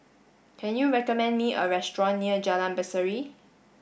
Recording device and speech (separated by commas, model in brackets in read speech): boundary microphone (BM630), read sentence